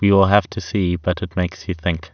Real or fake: real